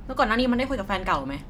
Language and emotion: Thai, angry